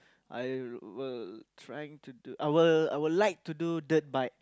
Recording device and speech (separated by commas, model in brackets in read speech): close-talking microphone, conversation in the same room